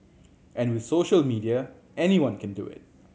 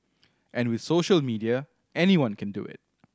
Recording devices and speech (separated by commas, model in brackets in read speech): mobile phone (Samsung C7100), standing microphone (AKG C214), read sentence